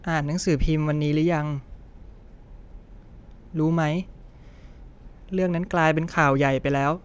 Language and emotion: Thai, sad